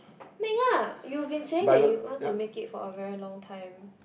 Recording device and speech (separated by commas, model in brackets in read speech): boundary microphone, conversation in the same room